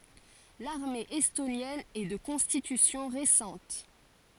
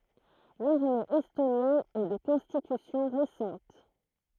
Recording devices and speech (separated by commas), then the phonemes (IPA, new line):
forehead accelerometer, throat microphone, read sentence
laʁme ɛstonjɛn ɛ də kɔ̃stitysjɔ̃ ʁesɑ̃t